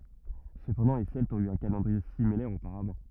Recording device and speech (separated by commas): rigid in-ear microphone, read sentence